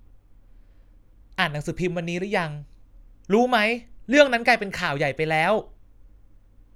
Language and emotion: Thai, frustrated